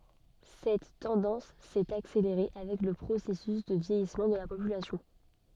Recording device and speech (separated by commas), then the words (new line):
soft in-ear microphone, read sentence
Cette tendance s'est accélérée avec le processus de vieillissement de la population.